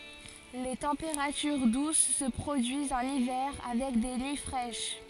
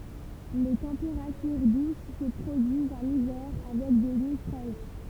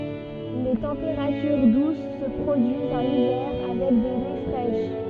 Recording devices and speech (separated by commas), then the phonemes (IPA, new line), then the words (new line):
forehead accelerometer, temple vibration pickup, soft in-ear microphone, read sentence
le tɑ̃peʁatyʁ dus sə pʁodyizt ɑ̃n ivɛʁ avɛk de nyi fʁɛʃ
Les températures douces se produisent en hiver avec des nuits fraîches.